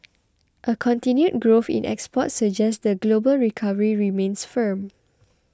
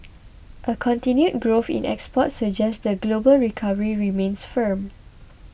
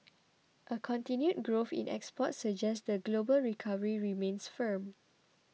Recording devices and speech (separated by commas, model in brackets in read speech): close-talking microphone (WH20), boundary microphone (BM630), mobile phone (iPhone 6), read sentence